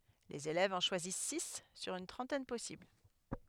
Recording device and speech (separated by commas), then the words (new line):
headset microphone, read sentence
Les élèves en choisissent six sur une trentaine possibles.